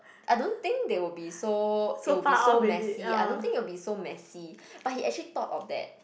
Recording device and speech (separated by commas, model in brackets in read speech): boundary microphone, conversation in the same room